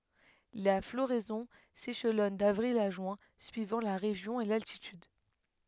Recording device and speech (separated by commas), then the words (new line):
headset microphone, read sentence
La floraison s'échelonne d'avril à juin suivant la région et l'altitude.